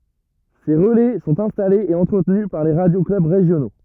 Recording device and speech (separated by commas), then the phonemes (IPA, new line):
rigid in-ear microphone, read sentence
se ʁəlɛ sɔ̃t ɛ̃stalez e ɑ̃tʁətny paʁ le ʁadjo klœb ʁeʒjono